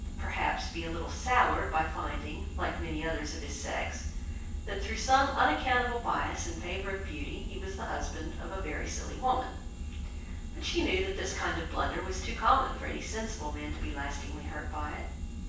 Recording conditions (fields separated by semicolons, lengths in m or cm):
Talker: one person; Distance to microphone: 9.8 m; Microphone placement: far; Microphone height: 1.8 m; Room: large; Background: none